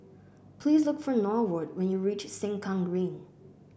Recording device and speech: boundary microphone (BM630), read sentence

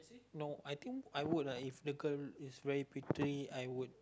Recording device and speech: close-talking microphone, conversation in the same room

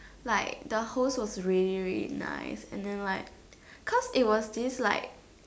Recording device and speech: standing microphone, conversation in separate rooms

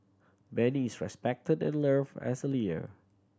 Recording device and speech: standing microphone (AKG C214), read sentence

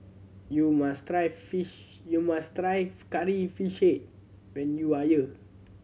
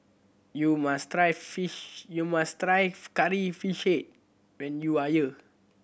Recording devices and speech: mobile phone (Samsung C7100), boundary microphone (BM630), read sentence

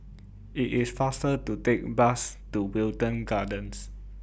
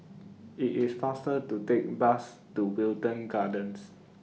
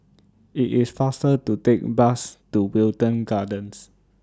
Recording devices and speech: boundary microphone (BM630), mobile phone (iPhone 6), standing microphone (AKG C214), read sentence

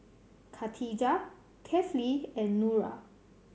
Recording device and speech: mobile phone (Samsung C7100), read sentence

